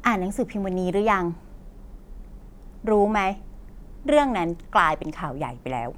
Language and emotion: Thai, happy